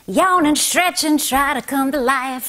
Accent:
Southern accent